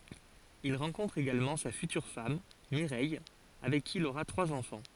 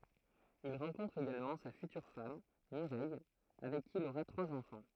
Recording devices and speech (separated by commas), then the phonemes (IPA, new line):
forehead accelerometer, throat microphone, read sentence
il ʁɑ̃kɔ̃tʁ eɡalmɑ̃ sa fytyʁ fam miʁɛj avɛk ki il oʁa tʁwaz ɑ̃fɑ̃